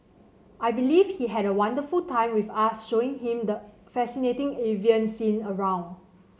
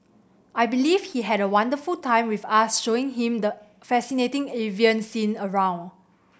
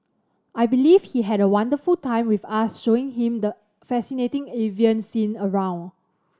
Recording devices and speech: mobile phone (Samsung C7100), boundary microphone (BM630), standing microphone (AKG C214), read sentence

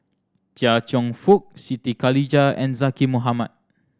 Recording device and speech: standing microphone (AKG C214), read sentence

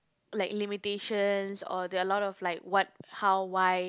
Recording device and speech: close-talking microphone, conversation in the same room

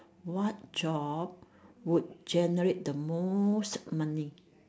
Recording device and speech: standing microphone, conversation in separate rooms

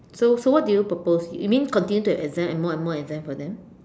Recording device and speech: standing microphone, conversation in separate rooms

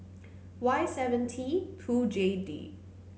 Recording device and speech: mobile phone (Samsung C9), read sentence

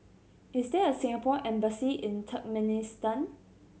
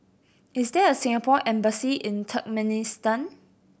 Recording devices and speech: mobile phone (Samsung C7100), boundary microphone (BM630), read sentence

